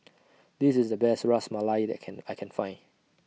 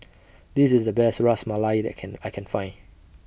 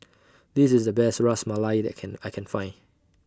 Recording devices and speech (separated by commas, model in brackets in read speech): mobile phone (iPhone 6), boundary microphone (BM630), standing microphone (AKG C214), read sentence